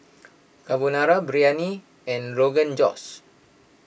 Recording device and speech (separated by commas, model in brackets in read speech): boundary microphone (BM630), read sentence